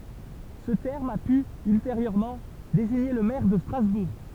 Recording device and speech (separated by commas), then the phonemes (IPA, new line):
temple vibration pickup, read sentence
sə tɛʁm a py ylteʁjøʁmɑ̃ deziɲe lə mɛʁ də stʁazbuʁ